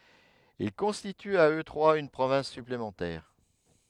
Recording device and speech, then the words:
headset microphone, read sentence
Ils constituent à eux trois une province supplémentaire.

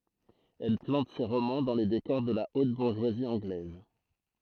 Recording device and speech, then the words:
throat microphone, read sentence
Elle plante ses romans dans les décors de la haute bourgeoisie anglaise.

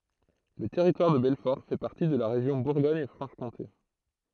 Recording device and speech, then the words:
throat microphone, read sentence
Le Territoire de Belfort fait partie de la région Bourgogne-Franche-Comté.

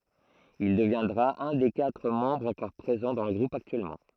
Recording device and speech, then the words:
throat microphone, read sentence
Il deviendra un des quatre membres encore présents dans le groupe actuellement.

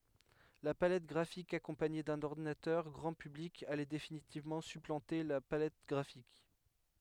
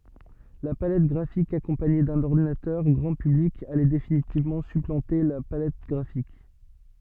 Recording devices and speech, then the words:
headset microphone, soft in-ear microphone, read sentence
La palette graphique accompagnée d'un ordinateur grand public allait définitivement supplanter la palette graphique.

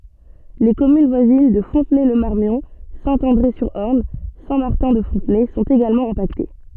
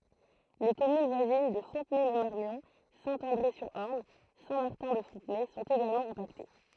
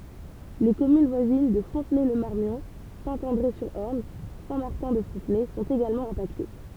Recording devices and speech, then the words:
soft in-ear microphone, throat microphone, temple vibration pickup, read sentence
Les communes voisines de Fontenay-le-Marmion, Saint-André-sur-Orne, Saint-Martin-de-Fontenay sont également impactées.

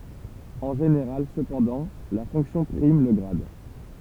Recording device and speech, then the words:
temple vibration pickup, read sentence
En général cependant, la fonction prime le grade.

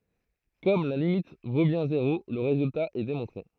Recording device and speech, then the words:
throat microphone, read sentence
Comme la limite vaut bien zéro, le résultat est démontré.

